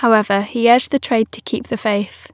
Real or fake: real